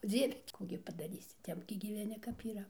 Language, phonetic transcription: Lithuanian, ˈdzieve ˈkų gi padaˈrysi ˈtep gi gyveˈni kap yˈra

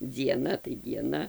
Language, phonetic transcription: Lithuanian, dzieˈna tai dieˈna

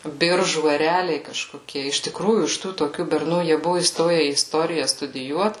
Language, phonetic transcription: Lithuanian, ˈbiržų eˈreliai kažkoˈkie iš tiˈkrųjų iš ˈtų toˈkių berˈnų jie ˈbuvu įˈstoje į iˈstorija studiˈjuot

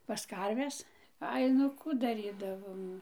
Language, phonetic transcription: Lithuanian, pas ˈkarves ˈai nu ˈkų daˈrydavom

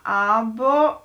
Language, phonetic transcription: Lithuanian, ˈaˌbo

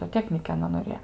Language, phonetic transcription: Lithuanian, zoˈteknyke aˈna noˈrėjo

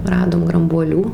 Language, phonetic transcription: Lithuanian, ˈradom grambuoˈlių

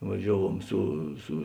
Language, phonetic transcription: Lithuanian, vaˈžiavuom ˈsu su

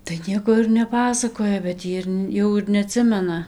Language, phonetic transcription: Lithuanian, tai ˈnieko ir neˈpasakoja bet ˈjy ir ˈjau ir neaˈtsimena

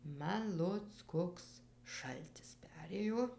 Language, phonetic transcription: Lithuanian, ˈman ˈloc ˈkoks ˈšaltis ˈperėjo

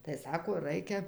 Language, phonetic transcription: Lithuanian, tai ˈsako ˈraikia

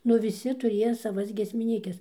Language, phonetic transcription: Lithuanian, ˈnu viˈsi tuˈrieja saˈvas giesmiˈnykes

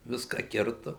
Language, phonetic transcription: Lithuanian, ˈviską ˈkirtu

